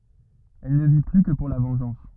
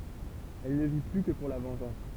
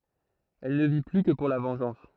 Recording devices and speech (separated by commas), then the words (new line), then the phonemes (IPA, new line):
rigid in-ear microphone, temple vibration pickup, throat microphone, read sentence
Elle ne vit plus que pour la vengeance.
ɛl nə vi ply kə puʁ la vɑ̃ʒɑ̃s